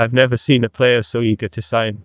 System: TTS, neural waveform model